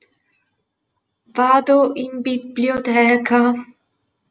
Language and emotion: Italian, fearful